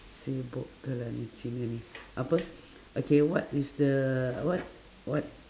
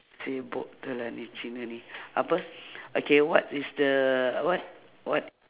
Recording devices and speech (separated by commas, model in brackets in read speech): standing microphone, telephone, conversation in separate rooms